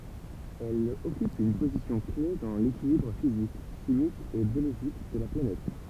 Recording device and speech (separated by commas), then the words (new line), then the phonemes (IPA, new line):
temple vibration pickup, read sentence
Elle occupe une position-clef dans l'équilibre physique, chimique et biologique de la planète.
ɛl ɔkyp yn pozisjɔ̃klɛf dɑ̃ lekilibʁ fizik ʃimik e bjoloʒik də la planɛt